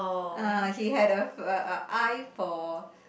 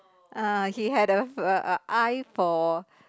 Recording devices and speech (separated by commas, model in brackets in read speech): boundary microphone, close-talking microphone, conversation in the same room